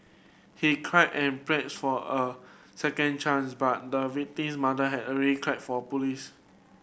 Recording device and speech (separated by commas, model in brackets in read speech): boundary microphone (BM630), read sentence